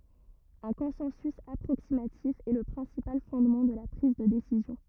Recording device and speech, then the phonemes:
rigid in-ear microphone, read sentence
œ̃ kɔ̃sɑ̃sy apʁoksimatif ɛ lə pʁɛ̃sipal fɔ̃dmɑ̃ də la pʁiz də desizjɔ̃

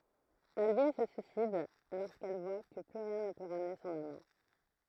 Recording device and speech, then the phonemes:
throat microphone, read sentence
albin sə syisid loʁskɛl vwa kə ply ʁjɛ̃ nə pø ʁamne sɔ̃n amɑ̃

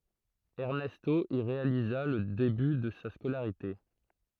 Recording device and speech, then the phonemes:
throat microphone, read sentence
ɛʁnɛsto i ʁealiza lə deby də sa skolaʁite

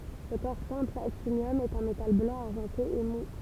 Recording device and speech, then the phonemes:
temple vibration pickup, read sentence
lə kɔʁ sɛ̃pl aktinjɔm ɛt œ̃ metal blɑ̃ aʁʒɑ̃te e mu

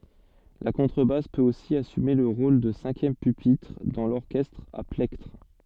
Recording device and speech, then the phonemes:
soft in-ear microphone, read sentence
la kɔ̃tʁəbas pøt osi asyme lə ʁol də sɛ̃kjɛm pypitʁ dɑ̃ lɔʁkɛstʁ a plɛktʁ

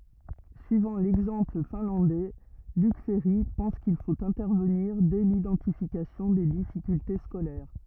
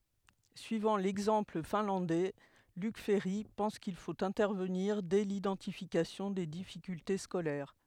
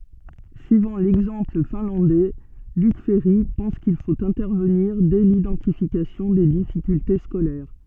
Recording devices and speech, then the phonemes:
rigid in-ear microphone, headset microphone, soft in-ear microphone, read sentence
syivɑ̃ lɛɡzɑ̃pl fɛ̃lɑ̃dɛ lyk fɛʁi pɑ̃s kil fot ɛ̃tɛʁvəniʁ dɛ lidɑ̃tifikasjɔ̃ de difikylte skolɛʁ

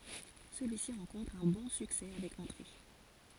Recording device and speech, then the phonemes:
forehead accelerometer, read sentence
səlyisi ʁɑ̃kɔ̃tʁ œ̃ bɔ̃ syksɛ avɛk ɑ̃tʁe

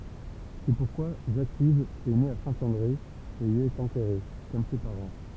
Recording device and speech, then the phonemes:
temple vibration pickup, read sentence
sɛ puʁkwa ʒakiv ɛ ne a sɛ̃ɑ̃dʁe e i ɛt ɑ̃tɛʁe kɔm se paʁɑ̃

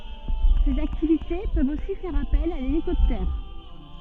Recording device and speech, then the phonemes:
soft in-ear microphone, read sentence
sez aktivite pøvt osi fɛʁ apɛl a lelikɔptɛʁ

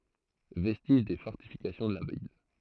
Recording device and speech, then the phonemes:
throat microphone, read sentence
vɛstiʒ de fɔʁtifikasjɔ̃ də la vil

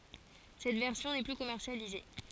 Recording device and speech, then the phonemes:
forehead accelerometer, read sentence
sɛt vɛʁsjɔ̃ nɛ ply kɔmɛʁsjalize

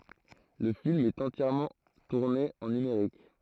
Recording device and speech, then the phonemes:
throat microphone, read sentence
lə film ɛt ɑ̃tjɛʁmɑ̃ tuʁne ɑ̃ nymeʁik

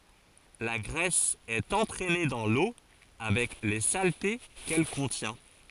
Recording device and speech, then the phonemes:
forehead accelerometer, read sentence
la ɡʁɛs ɛt ɑ̃tʁɛne dɑ̃ lo avɛk le salte kɛl kɔ̃tjɛ̃

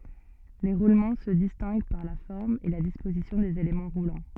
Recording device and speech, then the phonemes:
soft in-ear microphone, read sentence
le ʁulmɑ̃ sə distɛ̃ɡ paʁ la fɔʁm e la dispozisjɔ̃ dez elemɑ̃ ʁulɑ̃

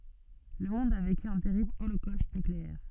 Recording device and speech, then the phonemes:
soft in-ear microphone, read sentence
lə mɔ̃d a veky œ̃ tɛʁibl olokost nykleɛʁ

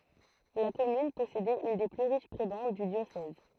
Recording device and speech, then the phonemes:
throat microphone, read sentence
la kɔmyn pɔsedɛt yn de ply ʁiʃ pʁebɑ̃d dy djosɛz

